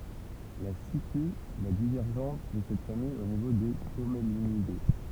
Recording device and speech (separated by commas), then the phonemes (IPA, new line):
temple vibration pickup, read sentence
la sity la divɛʁʒɑ̃s də sɛt famij o nivo de kɔmlinide